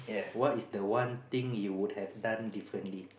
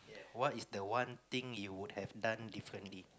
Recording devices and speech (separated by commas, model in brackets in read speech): boundary microphone, close-talking microphone, conversation in the same room